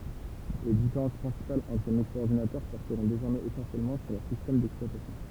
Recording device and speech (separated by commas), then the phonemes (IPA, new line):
temple vibration pickup, read sentence
le difeʁɑ̃s pʁɛ̃sipalz ɑ̃tʁ mikʁoɔʁdinatœʁ pɔʁtəʁɔ̃ dezɔʁmɛz esɑ̃sjɛlmɑ̃ syʁ lœʁ sistɛm dɛksplwatasjɔ̃